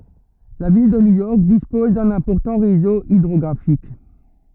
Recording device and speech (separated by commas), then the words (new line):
rigid in-ear microphone, read sentence
La ville de New York dispose d'un important réseau hydrographique.